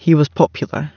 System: none